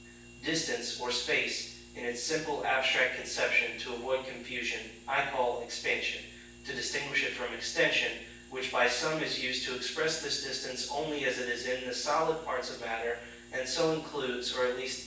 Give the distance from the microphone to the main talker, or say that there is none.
9.8 m.